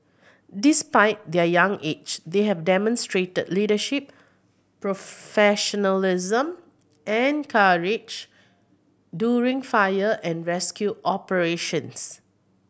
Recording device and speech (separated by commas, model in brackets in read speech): boundary microphone (BM630), read sentence